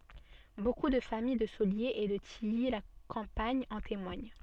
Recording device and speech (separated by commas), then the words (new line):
soft in-ear microphone, read sentence
Beaucoup de famille de Soliers et de Tilly-la-Campagne en témoignent.